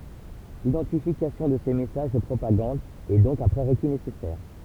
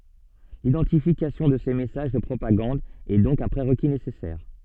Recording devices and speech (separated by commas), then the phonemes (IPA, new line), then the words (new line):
temple vibration pickup, soft in-ear microphone, read sentence
lidɑ̃tifikasjɔ̃ də se mɛsaʒ də pʁopaɡɑ̃d ɛ dɔ̃k œ̃ pʁeʁki nesɛsɛʁ
L'identification de ces messages de propagande est donc un prérequis nécessaire.